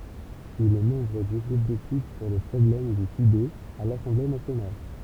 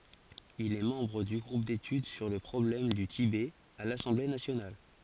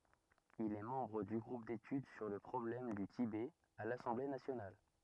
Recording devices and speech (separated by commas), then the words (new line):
temple vibration pickup, forehead accelerometer, rigid in-ear microphone, read sentence
Il est membre du groupe d'études sur le problème du Tibet à l'Assemblée nationale.